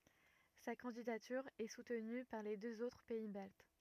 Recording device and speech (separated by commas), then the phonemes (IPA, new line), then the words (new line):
rigid in-ear microphone, read sentence
sa kɑ̃didatyʁ ɛ sutny paʁ le døz otʁ pɛi balt
Sa candidature est soutenue par les deux autres pays baltes.